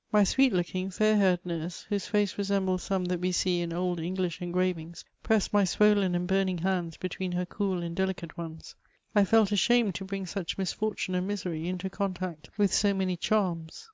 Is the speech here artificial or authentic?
authentic